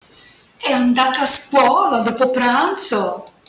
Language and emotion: Italian, surprised